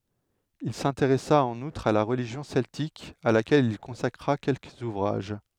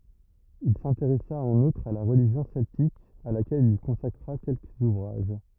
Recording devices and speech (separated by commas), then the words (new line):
headset microphone, rigid in-ear microphone, read sentence
Il s'intéressa en outre à la religion celtique à laquelle il consacra quelques ouvrages.